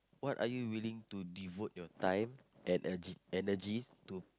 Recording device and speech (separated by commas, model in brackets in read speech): close-talking microphone, conversation in the same room